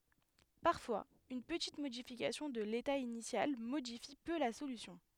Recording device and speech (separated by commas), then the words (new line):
headset microphone, read sentence
Parfois, une petite modification de l'état initial modifie peu la solution.